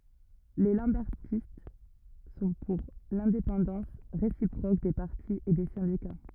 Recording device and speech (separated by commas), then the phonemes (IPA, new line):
rigid in-ear microphone, read sentence
le lɑ̃bɛʁtist sɔ̃ puʁ lɛ̃depɑ̃dɑ̃s ʁesipʁok de paʁti e de sɛ̃dika